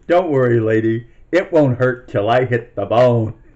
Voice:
sinister voice